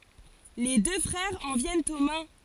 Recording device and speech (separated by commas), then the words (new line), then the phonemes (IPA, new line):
forehead accelerometer, read sentence
Les deux frères en viennent aux mains.
le dø fʁɛʁz ɑ̃ vjɛnt o mɛ̃